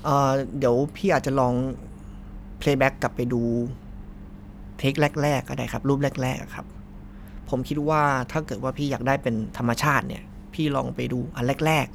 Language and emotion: Thai, neutral